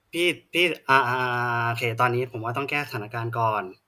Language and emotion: Thai, neutral